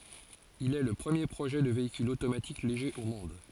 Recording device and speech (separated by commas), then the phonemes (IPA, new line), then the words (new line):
forehead accelerometer, read sentence
il ɛ lə pʁəmje pʁoʒɛ də veikyl otomatik leʒe o mɔ̃d
Il est le premier projet de véhicule automatique léger au monde.